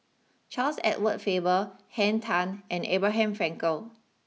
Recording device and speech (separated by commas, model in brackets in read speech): mobile phone (iPhone 6), read sentence